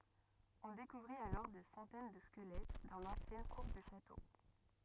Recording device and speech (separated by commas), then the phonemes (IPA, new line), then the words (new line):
rigid in-ear microphone, read sentence
ɔ̃ dekuvʁit alɔʁ de sɑ̃tɛn də skəlɛt dɑ̃ lɑ̃sjɛn kuʁ dy ʃato
On découvrit alors des centaines de squelettes dans l'ancienne cour du château.